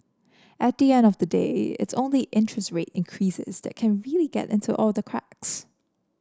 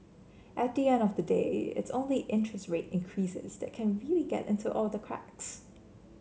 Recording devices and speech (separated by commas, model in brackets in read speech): standing microphone (AKG C214), mobile phone (Samsung C7), read sentence